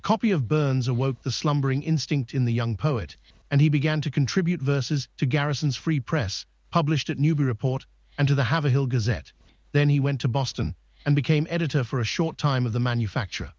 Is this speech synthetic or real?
synthetic